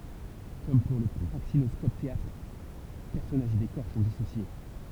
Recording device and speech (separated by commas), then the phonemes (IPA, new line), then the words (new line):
temple vibration pickup, read sentence
kɔm puʁ lə pʁaksinɔskopɛteatʁ pɛʁsɔnaʒz e dekɔʁ sɔ̃ disosje
Comme pour le praxinoscope-théâtre, personnages et décors sont dissociés.